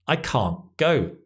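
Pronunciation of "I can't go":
In 'I can't go', the T sound at the end of 'can't' is dropped.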